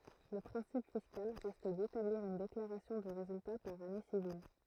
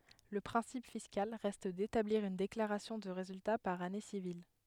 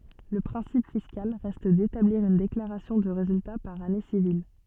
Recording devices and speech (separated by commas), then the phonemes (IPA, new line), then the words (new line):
throat microphone, headset microphone, soft in-ear microphone, read sentence
lə pʁɛ̃sip fiskal ʁɛst detabliʁ yn deklaʁasjɔ̃ də ʁezylta paʁ ane sivil
Le principe fiscal reste d'établir une déclaration de résultat par année civile.